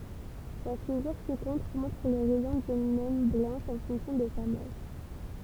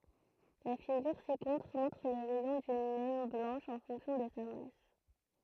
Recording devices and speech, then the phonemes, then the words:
temple vibration pickup, throat microphone, read sentence
la fiɡyʁ si kɔ̃tʁ mɔ̃tʁ lə ʁɛjɔ̃ dyn nɛn blɑ̃ʃ ɑ̃ fɔ̃ksjɔ̃ də sa mas
La figure ci-contre montre le rayon d'une naine blanche en fonction de sa masse.

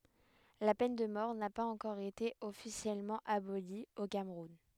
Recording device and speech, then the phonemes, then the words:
headset microphone, read sentence
la pɛn də mɔʁ na paz ɑ̃kɔʁ ete ɔfisjɛlmɑ̃ aboli o kamʁun
La peine de mort n'a pas encore été officiellement abolie au Cameroun.

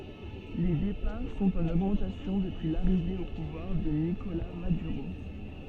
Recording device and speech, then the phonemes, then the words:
soft in-ear microphone, read sentence
le depaʁ sɔ̃t ɑ̃n oɡmɑ̃tasjɔ̃ dəpyi laʁive o puvwaʁ də nikola madyʁo
Les départs sont en augmentation depuis l'arrivée au pouvoir de Nicolás Maduro.

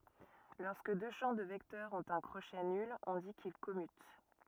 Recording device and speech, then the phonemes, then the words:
rigid in-ear microphone, read sentence
lɔʁskə dø ʃɑ̃ də vɛktœʁz ɔ̃t œ̃ kʁoʃɛ nyl ɔ̃ di kil kɔmyt
Lorsque deux champs de vecteurs ont un crochet nul, on dit qu'ils commutent.

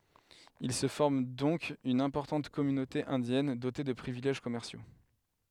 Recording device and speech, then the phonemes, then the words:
headset microphone, read sentence
il sə fɔʁm dɔ̃k yn ɛ̃pɔʁtɑ̃t kɔmynote ɛ̃djɛn dote də pʁivilɛʒ kɔmɛʁsjo
Il se forme donc une importante communauté indienne, dotée de privilèges commerciaux.

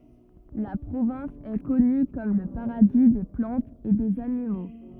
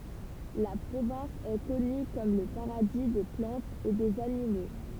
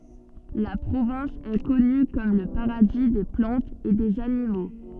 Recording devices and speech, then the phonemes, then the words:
rigid in-ear microphone, temple vibration pickup, soft in-ear microphone, read sentence
la pʁovɛ̃s ɛ kɔny kɔm lə paʁadi de plɑ̃tz e dez animo
La province est connue comme le paradis des plantes et des animaux.

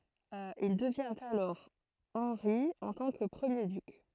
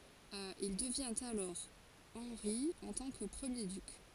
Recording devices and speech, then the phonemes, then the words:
throat microphone, forehead accelerometer, read sentence
il dəvjɛ̃t alɔʁ ɑ̃ʁi ɑ̃ tɑ̃ kə pʁəmje dyk
Il devient alors Henri en tant que premier duc.

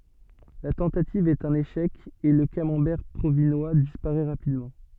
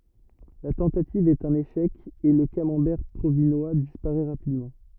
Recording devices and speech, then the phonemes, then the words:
soft in-ear microphone, rigid in-ear microphone, read sentence
la tɑ̃tativ ɛt œ̃n eʃɛk e lə kamɑ̃bɛʁ pʁovinwa dispaʁɛ ʁapidmɑ̃
La tentative est un échec et le Camembert provinois disparaît rapidement.

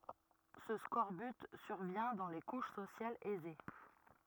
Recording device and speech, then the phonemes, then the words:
rigid in-ear microphone, read sentence
sə skɔʁbyt syʁvjɛ̃ dɑ̃ le kuʃ sosjalz ɛze
Ce scorbut survient dans les couches sociales aisées.

